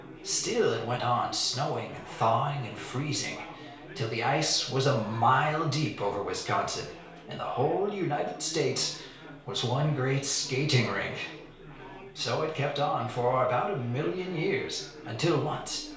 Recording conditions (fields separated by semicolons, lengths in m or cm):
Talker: one person; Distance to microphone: 1.0 m; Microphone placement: close; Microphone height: 1.1 m; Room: small (3.7 m by 2.7 m); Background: babble